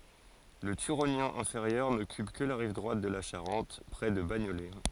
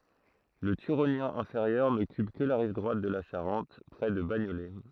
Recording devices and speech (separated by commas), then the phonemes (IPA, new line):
forehead accelerometer, throat microphone, read sentence
lə tyʁonjɛ̃ ɛ̃feʁjœʁ nɔkyp kə la ʁiv dʁwat də la ʃaʁɑ̃t pʁɛ də baɲolɛ